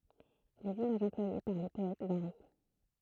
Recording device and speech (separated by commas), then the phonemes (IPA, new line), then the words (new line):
throat microphone, read sentence
lez imaʒz ɑ̃plwaje paʁ le pɔɛt vaʁi
Les images employées par les poètes varient.